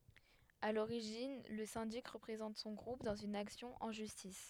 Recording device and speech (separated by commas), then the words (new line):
headset microphone, read sentence
À l'origine, le syndic représente son groupe dans une action en justice.